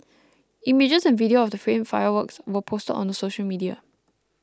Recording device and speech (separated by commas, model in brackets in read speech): close-talking microphone (WH20), read sentence